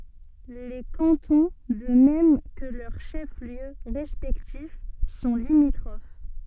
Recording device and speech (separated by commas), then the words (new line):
soft in-ear microphone, read sentence
Les cantons, de même que leurs chefs-lieux respectifs, sont limitrophes.